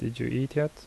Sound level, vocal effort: 75 dB SPL, soft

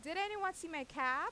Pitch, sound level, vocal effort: 330 Hz, 94 dB SPL, very loud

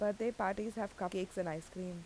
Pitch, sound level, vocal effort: 190 Hz, 83 dB SPL, normal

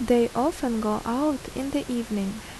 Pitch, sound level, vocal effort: 240 Hz, 77 dB SPL, normal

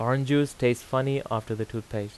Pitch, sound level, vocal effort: 120 Hz, 85 dB SPL, normal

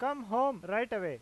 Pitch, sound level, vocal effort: 240 Hz, 97 dB SPL, loud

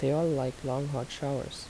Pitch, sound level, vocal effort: 135 Hz, 75 dB SPL, soft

